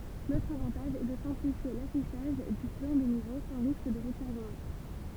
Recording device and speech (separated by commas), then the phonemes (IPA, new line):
temple vibration pickup, read sentence
lotʁ avɑ̃taʒ ɛ də sɛ̃plifje lafiʃaʒ dy plɑ̃ de nivo sɑ̃ ʁisk də ʁəkuvʁəmɑ̃